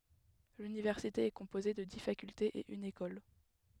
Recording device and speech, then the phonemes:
headset microphone, read sentence
lynivɛʁsite ɛ kɔ̃poze də di fakyltez e yn ekɔl

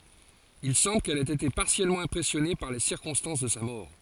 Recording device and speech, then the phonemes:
forehead accelerometer, read sentence
il sɑ̃bl kɛl ɛt ete paʁtikyljɛʁmɑ̃ ɛ̃pʁɛsjɔne paʁ le siʁkɔ̃stɑ̃s də sa mɔʁ

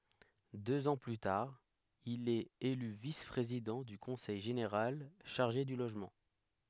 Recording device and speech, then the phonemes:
headset microphone, read sentence
døz ɑ̃ ply taʁ il ɛt ely vis pʁezidɑ̃ dy kɔ̃sɛj ʒeneʁal ʃaʁʒe dy loʒmɑ̃

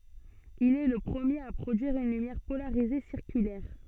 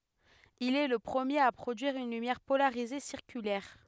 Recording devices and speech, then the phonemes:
soft in-ear microphone, headset microphone, read sentence
il ɛ lə pʁəmjeʁ a pʁodyiʁ yn lymjɛʁ polaʁize siʁkylɛʁ

